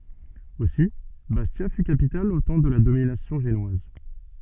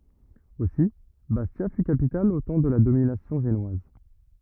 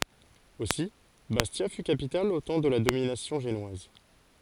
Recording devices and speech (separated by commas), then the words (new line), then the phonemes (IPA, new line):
soft in-ear microphone, rigid in-ear microphone, forehead accelerometer, read sentence
Aussi, Bastia fut capitale au temps de la domination génoise.
osi bastja fy kapital o tɑ̃ də la dominasjɔ̃ ʒenwaz